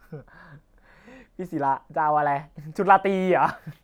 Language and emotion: Thai, happy